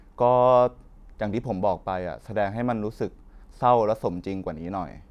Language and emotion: Thai, neutral